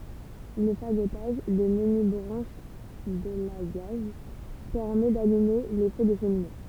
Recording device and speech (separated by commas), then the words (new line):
temple vibration pickup, read sentence
Le fagotage de menues branches d'élagage permet d'allumer les feux de cheminées.